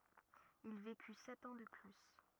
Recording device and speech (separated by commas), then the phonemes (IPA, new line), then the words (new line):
rigid in-ear microphone, read sentence
il veky sɛt ɑ̃ də ply
Il vécut sept ans de plus.